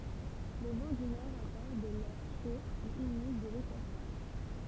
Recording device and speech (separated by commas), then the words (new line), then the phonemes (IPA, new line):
temple vibration pickup, read sentence
Le vent du nord apporte de l'air chaud et humide de l'équateur.
lə vɑ̃ dy nɔʁ apɔʁt də lɛʁ ʃo e ymid də lekwatœʁ